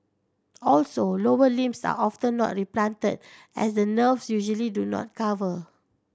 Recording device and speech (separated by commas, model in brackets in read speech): standing microphone (AKG C214), read sentence